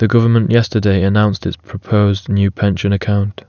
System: none